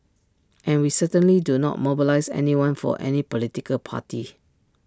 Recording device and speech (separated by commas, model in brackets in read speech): standing microphone (AKG C214), read sentence